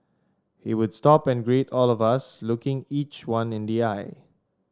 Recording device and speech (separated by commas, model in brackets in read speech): standing microphone (AKG C214), read sentence